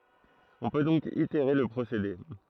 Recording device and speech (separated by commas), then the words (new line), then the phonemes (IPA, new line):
throat microphone, read sentence
On peut donc itérer le procédé.
ɔ̃ pø dɔ̃k iteʁe lə pʁosede